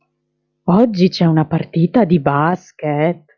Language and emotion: Italian, surprised